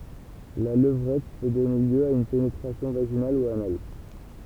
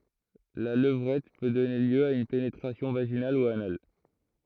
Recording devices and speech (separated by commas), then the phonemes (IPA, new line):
temple vibration pickup, throat microphone, read sentence
la ləvʁɛt pø dɔne ljø a yn penetʁasjɔ̃ vaʒinal u anal